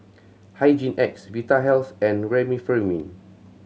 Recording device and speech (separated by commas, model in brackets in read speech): mobile phone (Samsung C7100), read sentence